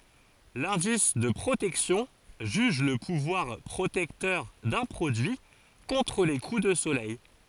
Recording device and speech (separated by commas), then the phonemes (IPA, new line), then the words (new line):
forehead accelerometer, read sentence
lɛ̃dis də pʁotɛksjɔ̃ ʒyʒ lə puvwaʁ pʁotɛktœʁ dœ̃ pʁodyi kɔ̃tʁ le ku də solɛj
L'indice de protection juge le pouvoir protecteur d'un produit contre les coups de soleil.